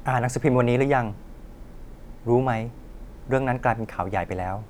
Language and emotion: Thai, neutral